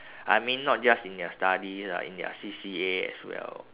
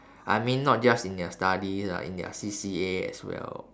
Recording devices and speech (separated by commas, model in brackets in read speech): telephone, standing microphone, conversation in separate rooms